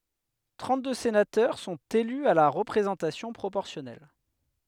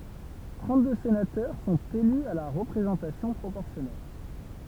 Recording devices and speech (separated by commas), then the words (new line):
headset microphone, temple vibration pickup, read sentence
Trente-deux sénateurs sont élus à la représentation proportionnelle.